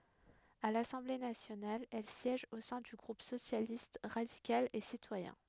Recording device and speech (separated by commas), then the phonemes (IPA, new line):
headset microphone, read sentence
a lasɑ̃ble nasjonal ɛl sjɛʒ o sɛ̃ dy ɡʁup sosjalist ʁadikal e sitwajɛ̃